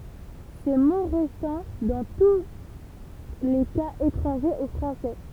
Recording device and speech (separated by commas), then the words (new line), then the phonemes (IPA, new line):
temple vibration pickup, read sentence
Ces mots restant dans tous les cas étrangers au français.
se mo ʁɛstɑ̃ dɑ̃ tu le kaz etʁɑ̃ʒez o fʁɑ̃sɛ